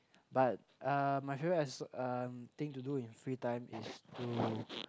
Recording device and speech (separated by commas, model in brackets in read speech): close-talking microphone, conversation in the same room